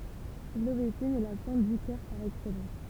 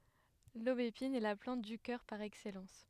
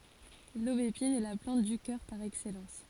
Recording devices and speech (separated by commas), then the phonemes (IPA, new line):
temple vibration pickup, headset microphone, forehead accelerometer, read sentence
lobepin ɛ la plɑ̃t dy kœʁ paʁ ɛksɛlɑ̃s